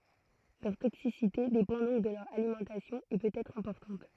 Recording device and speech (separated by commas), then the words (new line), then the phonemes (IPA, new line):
throat microphone, read sentence
Leur toxicité dépend donc de leur alimentation, et peut être importante.
lœʁ toksisite depɑ̃ dɔ̃k də lœʁ alimɑ̃tasjɔ̃ e pøt ɛtʁ ɛ̃pɔʁtɑ̃t